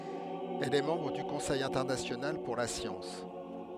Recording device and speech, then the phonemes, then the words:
headset microphone, read sentence
ɛl ɛ mɑ̃bʁ dy kɔ̃sɛj ɛ̃tɛʁnasjonal puʁ la sjɑ̃s
Elle est membre du Conseil international pour la science.

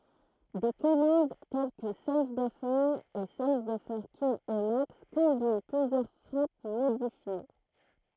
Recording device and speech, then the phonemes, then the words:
throat microphone, read sentence
de kɔmɑ̃d tɛl kə sav bøfœʁ e sav bøfœʁ kil imaks kɔ̃bin plyzjœʁ fʁap modifje
Des commandes telles que save-buffer et save-buffers-kill-emacs combinent plusieurs frappes modifiées.

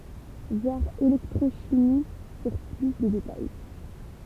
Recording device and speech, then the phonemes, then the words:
temple vibration pickup, read sentence
vwaʁ elɛktʁoʃimi puʁ ply də detaj
Voir électrochimie pour plus de détails.

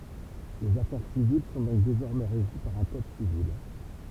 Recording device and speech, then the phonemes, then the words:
temple vibration pickup, read sentence
lez afɛʁ sivil sɔ̃ dɔ̃k dezɔʁmɛ ʁeʒi paʁ œ̃ kɔd sivil
Les affaires civiles sont donc désormais régies par un Code Civil.

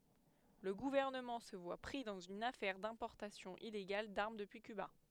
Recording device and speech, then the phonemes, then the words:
headset microphone, read sentence
lə ɡuvɛʁnəmɑ̃ sə vwa pʁi dɑ̃z yn afɛʁ dɛ̃pɔʁtasjɔ̃ ileɡal daʁm dəpyi kyba
Le gouvernement se voit pris dans une affaire d'importation illégale d'armes depuis Cuba.

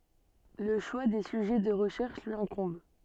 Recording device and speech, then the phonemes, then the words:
soft in-ear microphone, read sentence
lə ʃwa de syʒɛ də ʁəʃɛʁʃ lyi ɛ̃kɔ̃b
Le choix des sujets de recherche lui incombe.

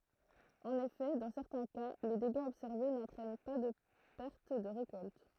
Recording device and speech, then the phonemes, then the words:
throat microphone, read sentence
ɑ̃n efɛ dɑ̃ sɛʁtɛ̃ ka le deɡaz ɔbsɛʁve nɑ̃tʁɛn paʁ də pɛʁt də ʁekɔlt
En effet, dans certains cas, les dégâts observés n'entraînent par de perte de récolte.

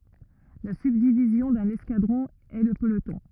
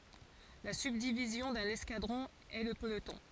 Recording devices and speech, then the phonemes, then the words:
rigid in-ear microphone, forehead accelerometer, read sentence
la sybdivizjɔ̃ dœ̃n ɛskadʁɔ̃ ɛ lə pəlotɔ̃
La subdivision d'un escadron est le peloton.

